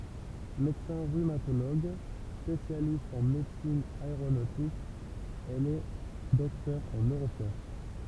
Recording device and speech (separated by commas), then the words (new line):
temple vibration pickup, read sentence
Médecin rhumatologue, spécialiste en médecine aéronautique, elle est docteur en neurosciences.